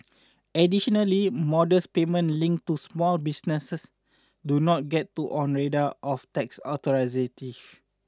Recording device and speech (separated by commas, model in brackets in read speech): standing microphone (AKG C214), read sentence